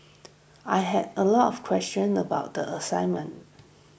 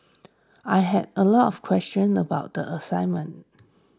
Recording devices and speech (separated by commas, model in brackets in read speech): boundary microphone (BM630), standing microphone (AKG C214), read sentence